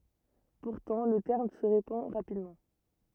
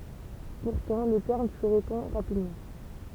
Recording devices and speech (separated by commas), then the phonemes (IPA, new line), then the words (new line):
rigid in-ear microphone, temple vibration pickup, read sentence
puʁtɑ̃ lə tɛʁm sə ʁepɑ̃ ʁapidmɑ̃
Pourtant, le terme se répand rapidement.